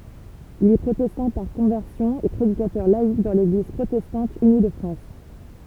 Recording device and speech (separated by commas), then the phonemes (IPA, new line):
temple vibration pickup, read sentence
il ɛ pʁotɛstɑ̃ paʁ kɔ̃vɛʁsjɔ̃ e pʁedikatœʁ laik dɑ̃ leɡliz pʁotɛstɑ̃t yni də fʁɑ̃s